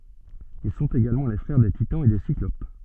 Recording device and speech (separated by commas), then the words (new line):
soft in-ear microphone, read sentence
Ils sont également les frères des Titans et des Cyclopes.